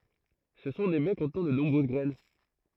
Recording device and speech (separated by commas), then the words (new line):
throat microphone, read sentence
Ce sont des baies contenant de nombreuses graines.